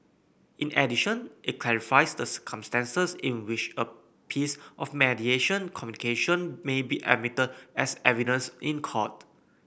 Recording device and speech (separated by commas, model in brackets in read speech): boundary microphone (BM630), read sentence